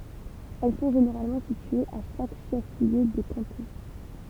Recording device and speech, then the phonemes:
temple vibration pickup, read sentence
ɛl sɔ̃ ʒeneʁalmɑ̃ sityez a ʃak ʃɛf ljø də kɑ̃tɔ̃

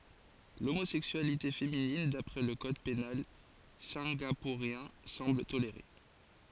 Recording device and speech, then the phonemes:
forehead accelerometer, read sentence
lomozɛksyalite feminin dapʁɛ lə kɔd penal sɛ̃ɡapuʁjɛ̃ sɑ̃bl toleʁe

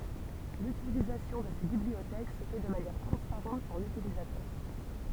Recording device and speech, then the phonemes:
temple vibration pickup, read sentence
lytilizasjɔ̃ də se bibliotɛk sə fɛ də manjɛʁ tʁɑ̃spaʁɑ̃t puʁ lytilizatœʁ

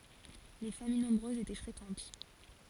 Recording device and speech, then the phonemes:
forehead accelerometer, read sentence
le famij nɔ̃bʁøzz etɛ fʁekɑ̃t

